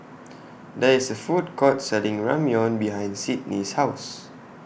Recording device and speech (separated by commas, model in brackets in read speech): boundary microphone (BM630), read sentence